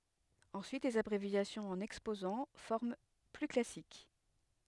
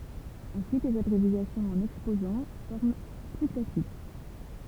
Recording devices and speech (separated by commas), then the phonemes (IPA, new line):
headset microphone, temple vibration pickup, read sentence
ɑ̃syit lez abʁevjasjɔ̃z ɑ̃n ɛkspozɑ̃ fɔʁm ply klasik